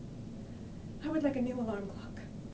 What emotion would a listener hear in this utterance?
neutral